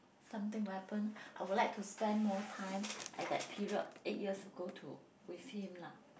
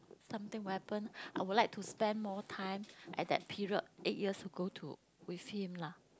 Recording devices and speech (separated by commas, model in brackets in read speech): boundary microphone, close-talking microphone, conversation in the same room